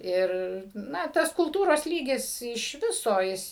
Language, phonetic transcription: Lithuanian, ˈir ˈna ˈtas kulˈtūros ˈlygis iš ˈviso ˈjis

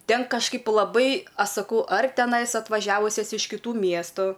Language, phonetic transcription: Lithuanian, ˈten kažˈkaip laˈbai ˈaš saˈkau ar teˈnais atvaˈžiavusias iš kiˈtų ˈmiestu

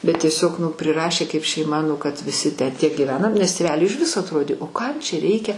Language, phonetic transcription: Lithuanian, bet ˈtiesiog nu priˈrašė kaip šeiˈma nu kad viˈsi tę tie gyˈvenam nes tėˈveliui iž ˈviso atˈrodė o ˈkam čia ˈreikia

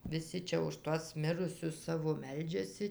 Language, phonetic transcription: Lithuanian, viˈsi ˈčia už ˈtuos ˈmirusius ˈsavo ˈmeldžiasi

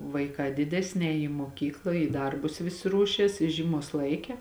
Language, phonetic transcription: Lithuanian, vaiˈkā ˈdidesni ˈēji į muoˈkykla į ˈdarbus ˈvisi ˈruošies i ˈžyˌmuos ˈlaiˌke

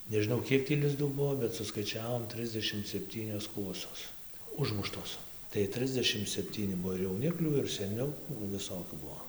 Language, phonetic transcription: Lithuanian, nežiˈnau ˈkiek tį lizˈdų ˈbuvo bet suskaiˈčiavom ˈtrisdešim sepˈtynios ˈkuosos ˈužmuštos tai ˈtrisdešim sepˈtyni ˈbuo ir jauˈniklių ir seˈnių nu viˈsokių ˈbuo

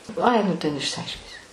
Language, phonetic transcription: Lithuanian, ˈai nu ˈten išsiˈaiškinsi

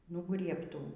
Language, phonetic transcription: Lithuanian, nuˈgriebtų

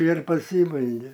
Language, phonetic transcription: Lithuanian, ir paˈsybaige

